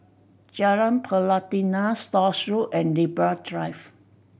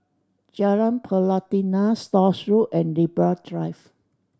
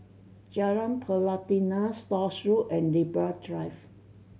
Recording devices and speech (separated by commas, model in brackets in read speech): boundary microphone (BM630), standing microphone (AKG C214), mobile phone (Samsung C7100), read sentence